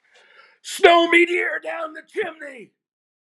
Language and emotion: English, happy